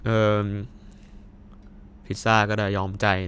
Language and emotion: Thai, frustrated